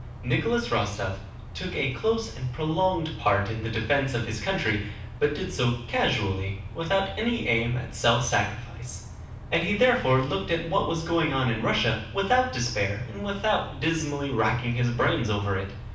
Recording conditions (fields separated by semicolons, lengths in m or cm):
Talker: one person; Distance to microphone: 5.8 m; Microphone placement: far; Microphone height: 1.8 m; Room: medium-sized (5.7 m by 4.0 m); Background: none